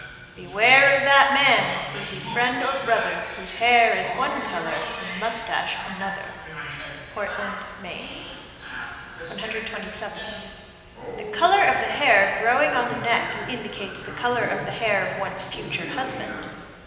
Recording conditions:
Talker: one person; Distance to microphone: 1.7 m; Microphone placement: close; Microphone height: 1.0 m; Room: very reverberant, large; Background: television

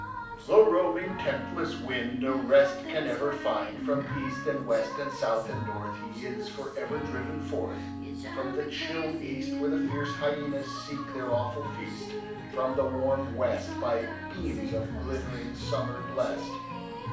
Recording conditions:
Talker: one person; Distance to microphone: 5.8 m; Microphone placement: far; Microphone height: 1.8 m; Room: medium-sized (5.7 m by 4.0 m); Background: music

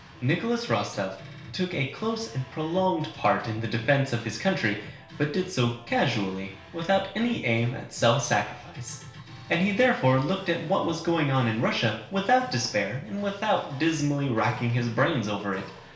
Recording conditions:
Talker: one person; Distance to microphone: 1.0 m; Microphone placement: close; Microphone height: 1.1 m; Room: small (3.7 m by 2.7 m); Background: music

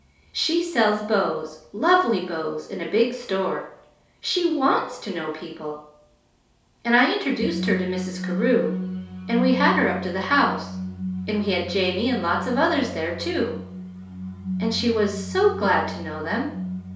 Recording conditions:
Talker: one person; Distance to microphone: 3.0 m; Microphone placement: far; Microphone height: 1.8 m; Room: small (3.7 m by 2.7 m); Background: music

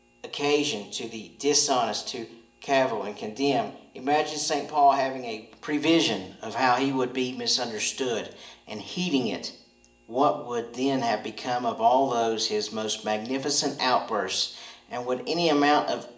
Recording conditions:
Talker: one person; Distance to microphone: 1.8 m; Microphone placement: close; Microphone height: 1.0 m; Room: large; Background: none

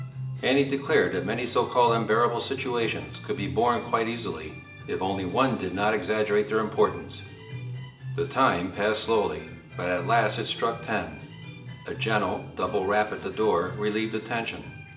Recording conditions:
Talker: one person; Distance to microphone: 1.8 m; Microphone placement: close; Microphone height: 1.0 m; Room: large; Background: music

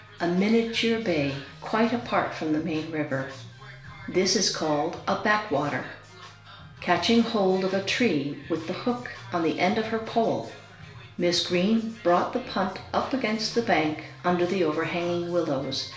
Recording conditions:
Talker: one person; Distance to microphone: 1.0 m; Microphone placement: close; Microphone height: 1.1 m; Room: small (3.7 m by 2.7 m); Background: music

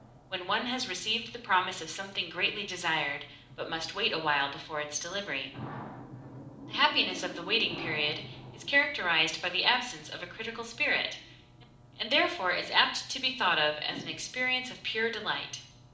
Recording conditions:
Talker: one person; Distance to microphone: 2.0 m; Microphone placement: close; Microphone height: 99 cm; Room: medium-sized (5.7 m by 4.0 m); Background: television

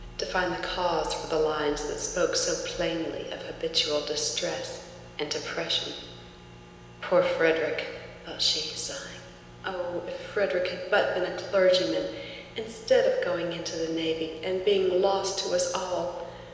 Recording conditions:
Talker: one person; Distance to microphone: 1.7 m; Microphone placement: close; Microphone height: 1.0 m; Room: very reverberant, large; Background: none

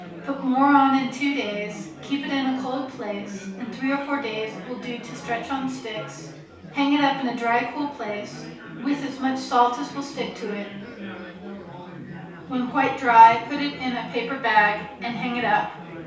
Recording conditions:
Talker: one person; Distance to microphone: 3.0 m; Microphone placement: far; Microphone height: 1.8 m; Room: small (3.7 m by 2.7 m); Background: babble

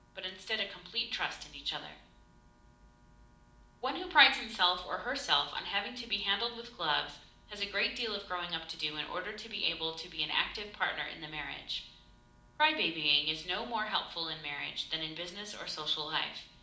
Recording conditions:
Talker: one person; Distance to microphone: 2.0 m; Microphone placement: close; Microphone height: 99 cm; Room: medium-sized (5.7 m by 4.0 m); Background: none

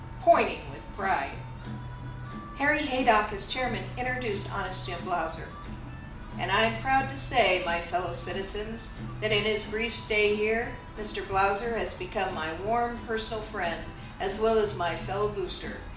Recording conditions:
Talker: one person; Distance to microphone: 2.0 m; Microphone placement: close; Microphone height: 99 cm; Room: medium-sized (5.7 m by 4.0 m); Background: music

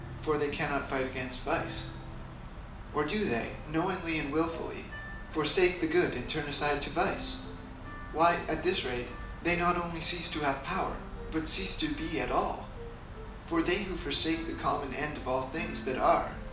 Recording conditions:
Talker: one person; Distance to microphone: 2.0 m; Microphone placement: close; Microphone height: 99 cm; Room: medium-sized (5.7 m by 4.0 m); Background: music

